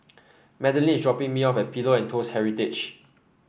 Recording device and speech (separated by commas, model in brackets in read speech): boundary microphone (BM630), read sentence